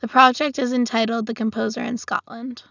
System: none